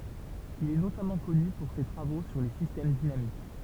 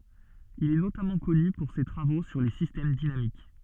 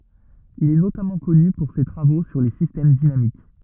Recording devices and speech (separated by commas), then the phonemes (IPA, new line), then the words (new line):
temple vibration pickup, soft in-ear microphone, rigid in-ear microphone, read sentence
il ɛ notamɑ̃ kɔny puʁ se tʁavo syʁ le sistɛm dinamik
Il est notamment connu pour ses travaux sur les systèmes dynamiques.